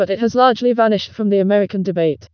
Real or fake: fake